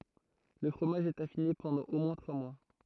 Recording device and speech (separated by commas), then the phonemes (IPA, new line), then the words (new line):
throat microphone, read sentence
lə fʁomaʒ ɛt afine pɑ̃dɑ̃ o mwɛ̃ tʁwa mwa
Le fromage est affiné pendant au moins trois mois.